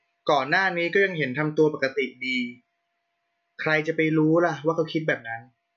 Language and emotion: Thai, neutral